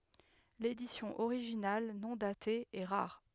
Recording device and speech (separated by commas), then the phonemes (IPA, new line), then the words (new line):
headset microphone, read sentence
ledisjɔ̃ oʁiʒinal nɔ̃ date ɛ ʁaʁ
L'édition originale, non datée, est rare.